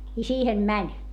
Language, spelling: Finnish, ja siihen meni
- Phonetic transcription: i siihem mäń .

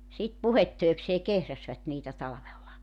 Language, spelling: Finnish, sitten puhdetöikseen kehräsivät niitä talvella
- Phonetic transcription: sit 'puhettöi̬ksee 'kehräsvät niitä 'talᵃvella .

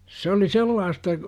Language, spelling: Finnish, se oli sellaista
- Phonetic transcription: s ‿oli "sellaasta , .

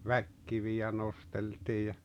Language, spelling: Finnish, väkikiviä nosteltiin ja
- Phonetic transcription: väkkiviʲä 'nosteltii ja ,.

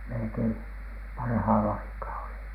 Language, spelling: Finnish, melkein parhaalla aikaa oli
- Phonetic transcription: melᵉkeim parhaala aikaa oli .

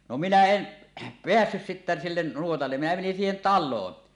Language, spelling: Finnish, no minä en päässyt sitten sille nuotalle minä menin siihen taloon
- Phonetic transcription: no minä "en , "peässys sittä sillen nuotalle , minä menin siihen 'tal̆loon .

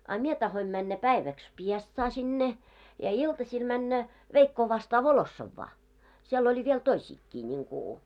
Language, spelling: Finnish, a minä tahdoin mennä päiväksi Piestsaan sinne ja iltasilla mennä veikkoa vastaan Volossovaan siellä oli vielä toisiakin niin kuin
- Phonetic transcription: a 'mie tahoim männä 'päiväks "Piestsaa sinne , ja 'iltaśil männä , 'veikkoo vastaa 'Volossavvaa , siel oĺi viel 'toiśiikkii ńiŋku .

